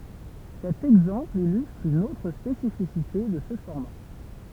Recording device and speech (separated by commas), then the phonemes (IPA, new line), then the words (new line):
temple vibration pickup, read sentence
sɛt ɛɡzɑ̃pl ilystʁ yn otʁ spesifisite də sə fɔʁma
Cet exemple illustre une autre spécificité de ce format.